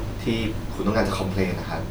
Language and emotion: Thai, neutral